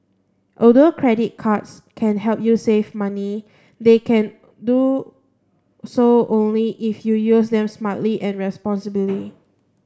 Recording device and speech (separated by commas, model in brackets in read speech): standing microphone (AKG C214), read sentence